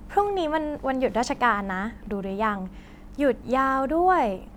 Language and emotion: Thai, happy